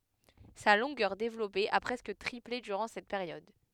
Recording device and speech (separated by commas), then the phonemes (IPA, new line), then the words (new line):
headset microphone, read sentence
sa lɔ̃ɡœʁ devlɔpe a pʁɛskə tʁiple dyʁɑ̃ sɛt peʁjɔd
Sa longueur développée a presque triplé durant cette période.